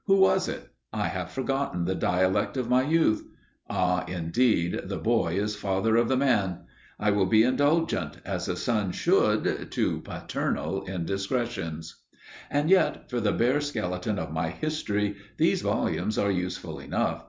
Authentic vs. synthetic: authentic